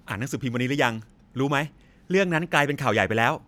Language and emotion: Thai, neutral